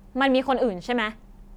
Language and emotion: Thai, angry